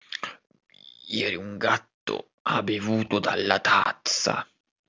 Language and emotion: Italian, angry